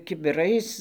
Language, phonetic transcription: Lithuanian, kibiˈrais

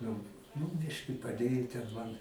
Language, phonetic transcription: Lithuanian, nu nu ˈbiški paˈdėju ten ˈman

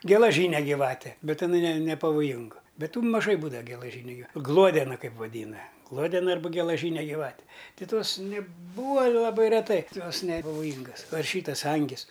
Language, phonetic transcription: Lithuanian, gelaˈžyne gyˈvate ˈbet iˈnai ne nepavoˈjingu ˈbet ˈtų maˈžai ˈbūdava gelaˈžyniu giˈva ˈgluodena ˈkaip vaˈdyna ˈgluodena ˈarba gelaˈžyne gyˈvate ti ˈtos neˈbūva laˈbai reˈtai ˈjos nepavoˈjyngas ˈva ir ˈšytas ˈangis

